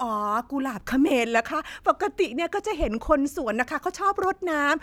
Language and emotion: Thai, happy